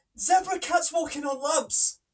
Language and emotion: English, sad